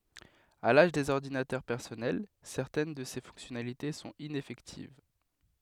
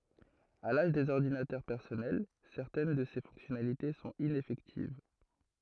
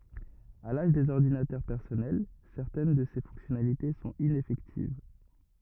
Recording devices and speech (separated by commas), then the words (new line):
headset microphone, throat microphone, rigid in-ear microphone, read sentence
À l'âge des ordinateurs personnels, certaines de ces fonctionnalités sont ineffectives.